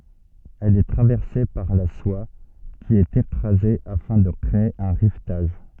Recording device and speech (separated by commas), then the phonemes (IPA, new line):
soft in-ear microphone, read sentence
ɛl ɛ tʁavɛʁse paʁ la swa ki ɛt ekʁaze afɛ̃ də kʁee œ̃ ʁivtaʒ